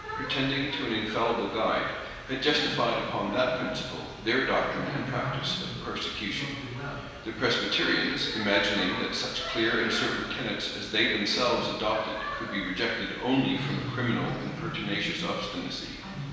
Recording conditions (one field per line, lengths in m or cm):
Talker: one person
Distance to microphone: 1.7 m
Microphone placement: close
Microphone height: 1.0 m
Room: very reverberant, large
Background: television